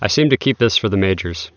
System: none